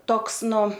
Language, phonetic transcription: Lithuanian, ˈtoks ˈnu

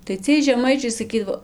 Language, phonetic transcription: Lithuanian, tai ˈciej žeˈmaičiai saˈkydavo

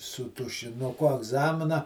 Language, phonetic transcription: Lithuanian, su tušinuˈku agˈzamina

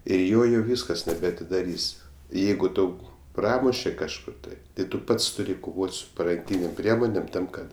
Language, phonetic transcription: Lithuanian, ir ˈjo jau ˈvyskas nebeatidaˈrys' ˈjeigu ˈtau ˈpramuše kažˈkur tai tai ˈtu ˈpats tuˈri koˈvot' su paranˈkynėm ˈpriemonėm ˈtam ˈkad

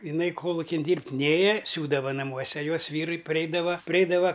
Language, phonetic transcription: Lithuanian, iˈnai ˈkolukin ˈdyrbt' ˈnėja ˈsiūdava naˈmuose ˈjos ˈvyrui paˈreidava priˈeidava

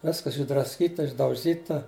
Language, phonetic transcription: Lithuanian, ˈviskas išdrasˈkyta išdauˈžyta

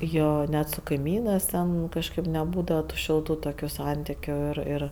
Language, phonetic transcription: Lithuanian, ˈjo ˈnet su kaiˈmynɜs ˈten ˈkažkɜp neˈbūdava tu ˈšiltu ˈtokiu ˈsantikiu ir ˈir

